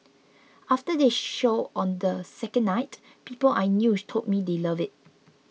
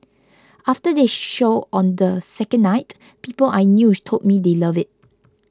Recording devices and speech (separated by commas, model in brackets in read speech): mobile phone (iPhone 6), close-talking microphone (WH20), read sentence